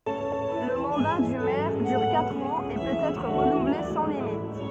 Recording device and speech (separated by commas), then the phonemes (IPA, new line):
soft in-ear microphone, read sentence
lə mɑ̃da dy mɛʁ dyʁ katʁ ɑ̃z e pøt ɛtʁ ʁənuvle sɑ̃ limit